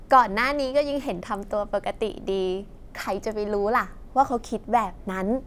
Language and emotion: Thai, happy